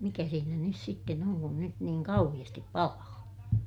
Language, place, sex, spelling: Finnish, Ilmajoki, female, mikä siinä nyt sitten on kun nyt niin kauheasti palaa
- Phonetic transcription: mikä siinä nys sitten ‿oŋ kun nyt niiŋ kauhiʲastip palaa .

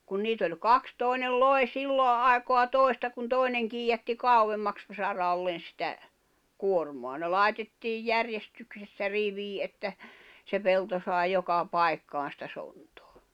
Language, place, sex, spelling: Finnish, Jämsä, female, kun niitä oli kaksi toinen loi silloin aikaa toista kun toinen kiidätti kauemmaksi saralle sitä kuormaa ne laitettiin järjestyksessä riviin että se pelto sai joka paikkaan sitä sontaa
- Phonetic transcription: kun 'niit ‿oĺ 'kaks 'tòinel "loi̬ "sillo '’àekoa "tòi̬sta kun "tòi̬neŋ kiijätti 'kàuwemmaks , 'sarallen̬ sⁱtä , 'kuormoa ne 'lài̬tettiij 'järjestyksessä 'rivii ’että , se 'pelto sài̬ 'joka "pai̬kkaan̬ sⁱtä 'sontᴏᴀ .

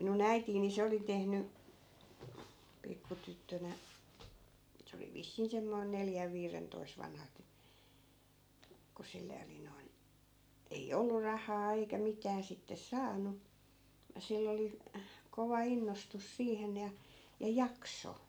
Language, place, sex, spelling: Finnish, Askola, female, minun äitini niin se oli tehnyt pikku tyttönä se oli vissiin semmoinen neljän viidentoista vanha - kun sille oli noin ei ollut rahaa eikä mitään sitten saanut sillä oli kova innostus siihen ja ja jakso
- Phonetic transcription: 'minu"n ‿äitiin̆ ni 'se oli 'tehny , 'pikku 'tyttönä , se oli 'vissiin semmoin 'neljäv 'viirentoi̮s vanha t- , ku 'sille oli noin , 'ei "ollur̆ 'rahaa eikä 'mitää sittes "saan̆nu , 'sill ‿oli , kova 'innostus 'siihen ja , ja "jakso .

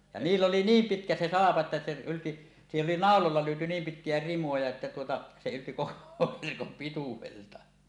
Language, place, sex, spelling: Finnish, Suomussalmi, male, ja niillä oli niin pitkä se salko että se ylti siihen oli naulalla lyöty niin pitkiä rimoja että tuota se ylti koko verkon pituudelta
- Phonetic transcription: ja "niill ‿oli "niim 'pitkä se 'salako että se 'ylti , 'siihen 'oli "nàololla lyötú 'niim "pitkijä 'rimoja että tuota , se ylti 'koko 'verkom 'pituwelta .

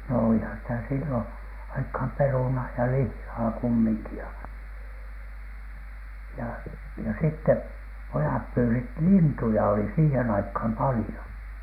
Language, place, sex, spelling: Finnish, Alatornio, male, no olihan sitä silloin aikaan perunaa ja lihaa kumminkin ja ja ja sitten pojat pyysivät lintuja oli siihen aikaan paljon
- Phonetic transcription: no "òlihan sitä 'sillon , 'aikham "perunaa ja "lihhaa kummiŋki ja , ja , ja sitte 'pojap pyysit "lintuja oli siihen aikham 'palⁱjo .

